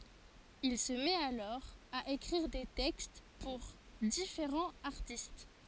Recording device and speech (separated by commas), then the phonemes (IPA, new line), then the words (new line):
forehead accelerometer, read sentence
il sə mɛt alɔʁ a ekʁiʁ de tɛkst puʁ difeʁɑ̃z aʁtist
Il se met alors à écrire des textes pour différents artistes.